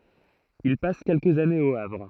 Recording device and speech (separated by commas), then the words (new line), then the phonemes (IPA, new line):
throat microphone, read sentence
Il passe quelques années au Havre.
il pas kɛlkəz anez o avʁ